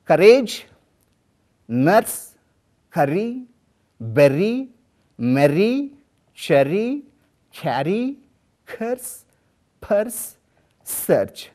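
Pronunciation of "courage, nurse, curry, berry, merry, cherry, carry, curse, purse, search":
The r sound is pronounced in each of these words: 'courage', 'nurse', 'curry', 'berry', 'merry', 'cherry', 'carry', 'curse', 'purse', 'search'.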